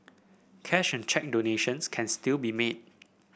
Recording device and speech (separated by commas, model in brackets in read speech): boundary microphone (BM630), read sentence